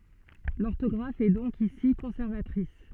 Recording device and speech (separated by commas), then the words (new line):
soft in-ear microphone, read sentence
L'orthographe est donc ici conservatrice.